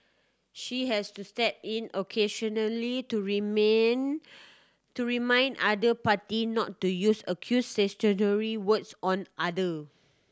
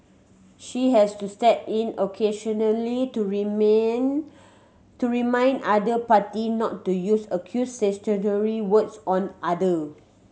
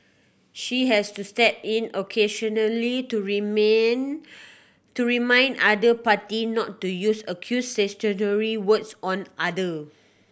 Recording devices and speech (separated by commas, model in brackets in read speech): standing microphone (AKG C214), mobile phone (Samsung C7100), boundary microphone (BM630), read sentence